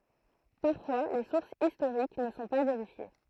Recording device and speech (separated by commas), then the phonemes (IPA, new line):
throat microphone, read sentence
paʁfwa le suʁsz istoʁik nə sɔ̃ pa veʁifje